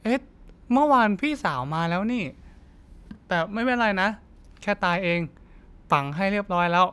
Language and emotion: Thai, neutral